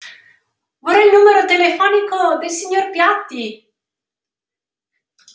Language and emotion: Italian, happy